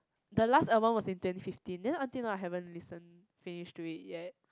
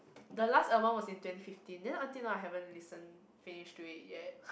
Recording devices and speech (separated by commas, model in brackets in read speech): close-talking microphone, boundary microphone, conversation in the same room